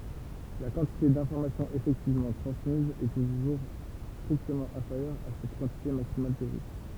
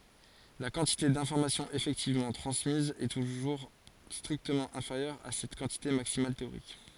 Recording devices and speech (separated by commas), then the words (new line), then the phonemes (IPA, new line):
temple vibration pickup, forehead accelerometer, read sentence
La quantité d'informations effectivement transmise est toujours strictement inférieure à cette quantité maximale théorique.
la kɑ̃tite dɛ̃fɔʁmasjɔ̃z efɛktivmɑ̃ tʁɑ̃smiz ɛ tuʒuʁ stʁiktəmɑ̃ ɛ̃feʁjœʁ a sɛt kɑ̃tite maksimal teoʁik